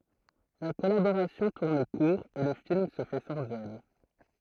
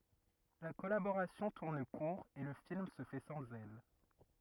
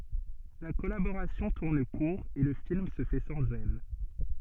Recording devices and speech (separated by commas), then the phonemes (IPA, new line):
throat microphone, rigid in-ear microphone, soft in-ear microphone, read sentence
la kɔlaboʁasjɔ̃ tuʁn kuʁ e lə film sə fɛ sɑ̃z ɛl